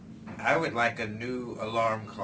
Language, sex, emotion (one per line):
English
male
neutral